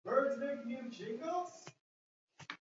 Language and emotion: English, happy